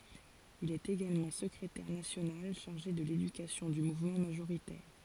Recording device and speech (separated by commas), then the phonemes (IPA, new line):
forehead accelerometer, read sentence
il ɛt eɡalmɑ̃ səkʁetɛʁ nasjonal ʃaʁʒe də ledykasjɔ̃ dy muvmɑ̃ maʒoʁitɛʁ